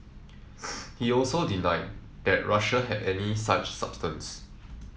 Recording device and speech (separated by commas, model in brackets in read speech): mobile phone (iPhone 7), read sentence